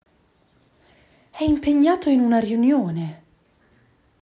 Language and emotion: Italian, surprised